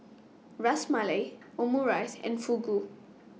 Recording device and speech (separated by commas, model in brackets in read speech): mobile phone (iPhone 6), read sentence